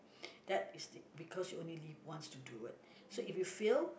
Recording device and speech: boundary microphone, conversation in the same room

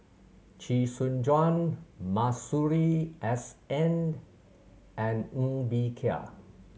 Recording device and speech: mobile phone (Samsung C7100), read sentence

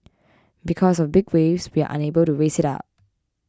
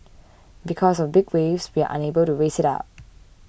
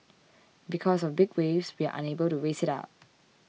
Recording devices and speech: close-talking microphone (WH20), boundary microphone (BM630), mobile phone (iPhone 6), read sentence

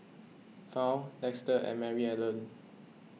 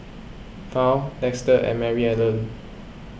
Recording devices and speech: mobile phone (iPhone 6), boundary microphone (BM630), read sentence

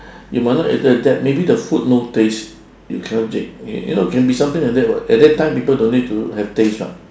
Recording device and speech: standing microphone, conversation in separate rooms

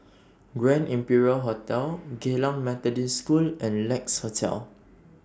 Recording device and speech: standing microphone (AKG C214), read sentence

